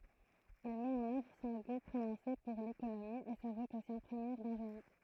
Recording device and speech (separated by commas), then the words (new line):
throat microphone, read sentence
Il met en œuvre son goût prononcé pour l'économie et sa vocation première d'ingénieur.